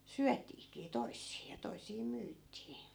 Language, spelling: Finnish, syötiinkin toisia ja toisia myytiin
- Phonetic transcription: "syätiikii "toissii ja 'tois̀ii 'myyt̆tii .

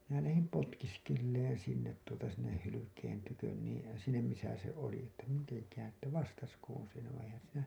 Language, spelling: Finnish, minä lähdin potkiskelemaan sinne tuota sinne hylkeen tykö niin sinne missä se oli että mitenkähän että vastaisikohan se
- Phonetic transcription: minä lähim 'potkiskelleen sinnet tuota sinneh hylykeen tykön niin̬ , sinnem misä se oli että 'miteŋkään̬ , että 'vastaskoon̬ se ...

